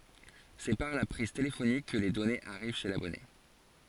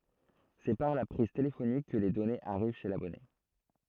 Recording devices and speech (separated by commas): forehead accelerometer, throat microphone, read sentence